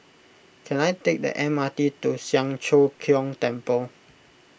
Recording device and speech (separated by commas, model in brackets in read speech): boundary microphone (BM630), read sentence